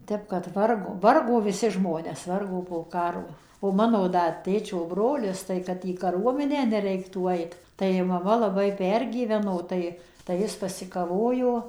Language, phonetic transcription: Lithuanian, ˈtep kad ˈvargo ˈvargo viˈsi ˈžmones ˈvargo po ˈkaro o ˈmano ˈda ˈtėčio ˈbrolis ˌtai kad į kaˈruomenę neˈreiktų ˈait tai maˈma laˈbai ˈpergyveno ˈtai tai ˈjis pasikaˈvojo

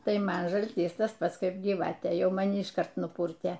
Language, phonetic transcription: Lithuanian, ˈtai ˈman žalˈtys ˈtas ˈpats ˈkaip gyˈvatė ˈjau maˈni išˈkart nuˈpūrtė

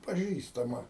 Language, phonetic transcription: Lithuanian, paˈžįstama

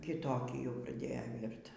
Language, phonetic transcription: Lithuanian, kiˈtokį jau praˈdėjo ˈvyrt

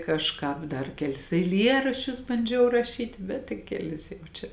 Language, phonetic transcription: Lithuanian, kažˈkāp dar ˈkeˌlis eiˈlieraščius banˈdžiau raˈšyti ˈbet tai keˈlis jau ˈčia

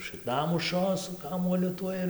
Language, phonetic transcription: Lithuanian, šɨkˈnumušio su ˈkamuoliu ˈtuoj ir

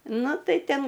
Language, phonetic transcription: Lithuanian, ˈnu ˈtai ˈten

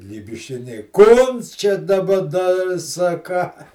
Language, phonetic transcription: Lithuanian, lybišˈiniai ˈkons čia daˈba ˈna ir saˈkā

